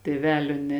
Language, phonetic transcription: Lithuanian, tėˈvelio ne

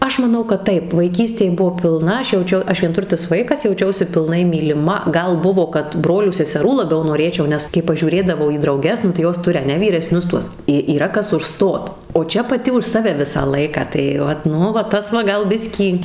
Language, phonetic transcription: Lithuanian, ˈaš maˈnau kad ˈtaip vaiˈkystėj ˈbuvo pilˈna ˈaš jauˈčiau ˈaš vienˈturtis ˈvaikas jauˈčiausi pilˈnai myliˈma ˈgal ˈbuvo kad ˈbrolių seseˈrų laˈbiau noˈrėčiau ˈnes kai pažiūˈrėdavau į drauˈges nu tai ˈjos ˈturi aˈne vyreˈsnius ˈtuos i yˈra ˈkas užˈstot o ˈčia paˈti už ˈsave ˈvisą ˈlaiką tai ˈvat ˈnu va ˈtas va ˈgal ˈbiskį

